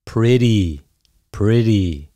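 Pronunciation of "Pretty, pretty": In 'pretty', the t sounds like a d.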